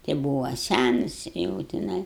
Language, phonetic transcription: Lithuanian, ti ˈbūva ˈsænas jau tiˈnai

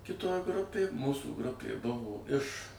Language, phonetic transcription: Lithuanian, kiˈtoj ˈgrupėj ˈmūsų ˈgrupė ˈbuvo iš

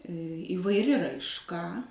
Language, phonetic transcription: Lithuanian, įvaiˈri raišˈka

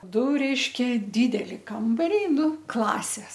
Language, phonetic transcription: Lithuanian, ˈdu ˈreiškia ˈdydeli ˈkambariai ˈnu ˈklasės

